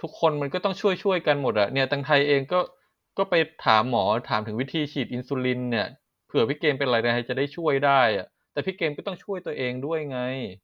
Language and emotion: Thai, frustrated